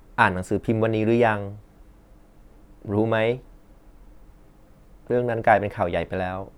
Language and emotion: Thai, neutral